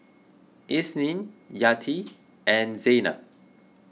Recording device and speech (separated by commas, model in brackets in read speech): mobile phone (iPhone 6), read sentence